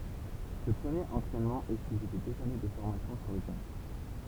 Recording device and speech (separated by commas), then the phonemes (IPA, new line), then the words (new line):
temple vibration pickup, read sentence
sə pʁəmjeʁ ɑ̃tʁɛnmɑ̃ ɛ syivi də døz ane də fɔʁmasjɔ̃ syʁ lə tɛʁɛ̃
Ce premier entraînement est suivi de deux années de formation sur le terrain.